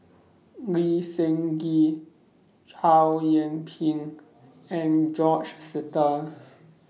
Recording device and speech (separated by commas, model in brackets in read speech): mobile phone (iPhone 6), read sentence